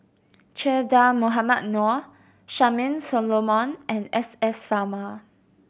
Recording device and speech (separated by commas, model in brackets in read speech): boundary microphone (BM630), read sentence